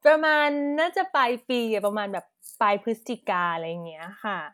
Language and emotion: Thai, happy